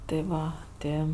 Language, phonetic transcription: Lithuanian, ti ˈva ˈti

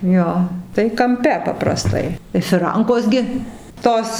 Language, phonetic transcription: Lithuanian, ˈjo tai kamˈpe papraˈstai i fiˈrankos gi ˈtos

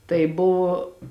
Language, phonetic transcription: Lithuanian, tai ˈbuvo

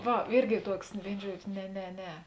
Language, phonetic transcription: Lithuanian, ˈva ˈirgi ˈtuoks ˈvėino ˈžuodžio ne ne ˈne

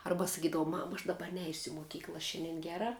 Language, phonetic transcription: Lithuanian, ˈarba saˈkydavau ˈmama aš ˈdaba ˈneisiu i moˈkykla ˈšianden ˈgera

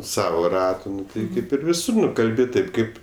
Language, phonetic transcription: Lithuanian, ˈsavo ˈratu ˈnu tai ˈkaip ir viˈsur nu ˈkalbi ˈtaip ˈkaip

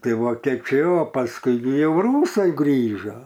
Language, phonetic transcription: Lithuanian, ˈtai ˈva ˈkiek ˈčia ˈjo pasˈkui gi ˈjau ˈrūsai ˈgrįžo

